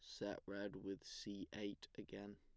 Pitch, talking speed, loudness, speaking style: 100 Hz, 165 wpm, -50 LUFS, plain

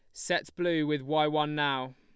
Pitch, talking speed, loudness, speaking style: 150 Hz, 205 wpm, -29 LUFS, Lombard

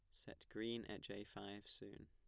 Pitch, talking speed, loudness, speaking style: 105 Hz, 195 wpm, -51 LUFS, plain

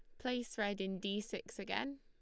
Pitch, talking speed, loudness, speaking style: 210 Hz, 205 wpm, -41 LUFS, Lombard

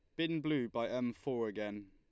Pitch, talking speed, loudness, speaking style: 120 Hz, 210 wpm, -38 LUFS, Lombard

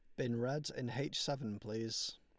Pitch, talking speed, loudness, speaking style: 120 Hz, 180 wpm, -40 LUFS, Lombard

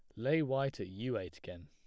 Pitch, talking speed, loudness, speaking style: 135 Hz, 245 wpm, -36 LUFS, plain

